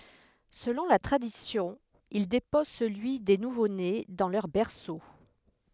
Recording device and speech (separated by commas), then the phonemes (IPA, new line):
headset microphone, read sentence
səlɔ̃ la tʁadisjɔ̃ il depɔz səlyi de nuvone dɑ̃ lœʁ bɛʁso